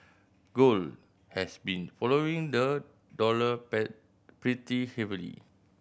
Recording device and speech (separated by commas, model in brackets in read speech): boundary microphone (BM630), read sentence